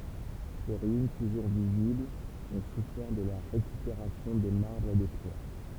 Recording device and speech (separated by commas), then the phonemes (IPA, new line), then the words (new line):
temple vibration pickup, read sentence
se ʁyin tuʒuʁ viziblz ɔ̃ sufɛʁ də la ʁekypeʁasjɔ̃ de maʁbʁz e de pjɛʁ
Ses ruines, toujours visibles, ont souffert de la récupération des marbres et des pierres.